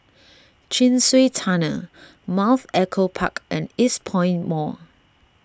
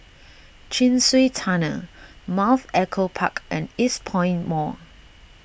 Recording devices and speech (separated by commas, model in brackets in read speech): standing microphone (AKG C214), boundary microphone (BM630), read sentence